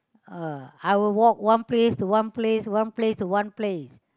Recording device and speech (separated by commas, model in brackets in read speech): close-talking microphone, conversation in the same room